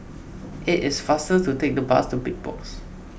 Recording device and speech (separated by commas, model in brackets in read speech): boundary microphone (BM630), read sentence